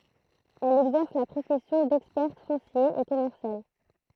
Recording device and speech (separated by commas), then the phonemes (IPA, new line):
throat microphone, read sentence
ɛl ɛɡzɛʁs la pʁofɛsjɔ̃ dɛkspɛʁt fɔ̃sje e kɔmɛʁsjal